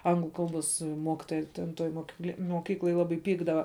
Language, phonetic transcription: Lithuanian, ˈanglu ˈkalˌbos ˈmokitoja ten ˈtoj mokiˈkle moˈkykloj ˈlabai ˈpykdava

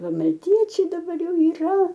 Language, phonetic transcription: Lithuanian, ˈva malˈtiečiai daˈbar ˈjau yˈra

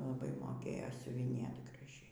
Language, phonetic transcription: Lithuanian, laˈbai moˈkėjo siuviˈnėt graˈžiai

